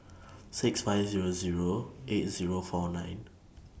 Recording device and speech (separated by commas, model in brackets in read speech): boundary microphone (BM630), read sentence